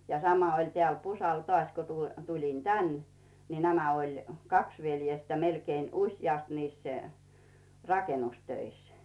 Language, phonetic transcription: Finnish, ja 'sama oĺ tĕä̀l "Pusal tŏàś ku 'tuĺ , 'tuĺin "tän , ni 'nämä oĺ , "kaks 'veljestä melkeen 'usjàst niis , 'rakenustöis .
- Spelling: ja sama oli täällä Pusalla taas kun tuli tulin tänne niin nämä oli kaksi veljestä melkein useasti niissä rakennustöissä

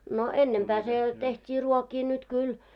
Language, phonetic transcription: Finnish, no "ennempää se , 'teht́ii 'ruokii nyt 'kyl .
- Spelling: no ennempää se tehtiin ruokia nyt kyllä

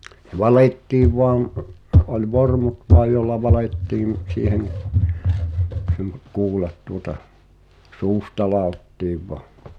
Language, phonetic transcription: Finnish, h̳e "valettiiv 'voaŋ , oĺ "vormut 'voaj jolla 'valèttiim , siihen , (sem-) , 'kuulat tuota , 'suusta "làottiiv voă .
- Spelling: se valettiin vain oli vormut vain jolla valettiin siihen - kuulat tuota suusta ladottiin vain

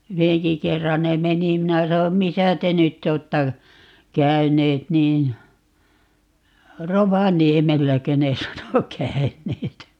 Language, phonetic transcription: Finnish, "yheŋki 'kerran ne "meni - 'minä 'sanom » 'misä 'te nyt't ‿ootta , "käyneet » niin , "Rovaniemelläkö ne 'sano "käyneet .
- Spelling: yhdenkin kerran ne meni minä sanoin missä te nyt olette käyneet niin Rovaniemelläkö ne sanoi käyneet

